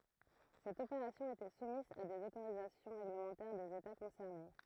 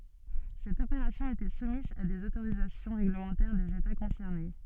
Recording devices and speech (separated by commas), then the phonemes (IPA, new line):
throat microphone, soft in-ear microphone, read sentence
sɛt opeʁasjɔ̃ etɛ sumiz a dez otoʁizasjɔ̃ ʁeɡləmɑ̃tɛʁ dez eta kɔ̃sɛʁne